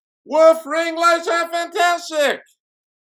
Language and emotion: English, surprised